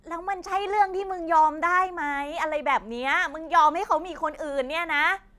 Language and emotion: Thai, angry